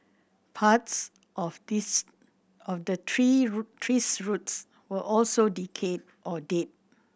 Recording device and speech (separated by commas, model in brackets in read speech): boundary microphone (BM630), read sentence